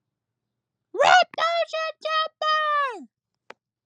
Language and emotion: English, fearful